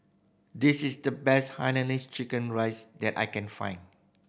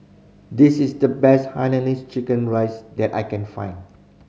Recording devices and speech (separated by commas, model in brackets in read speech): boundary microphone (BM630), mobile phone (Samsung C5010), read sentence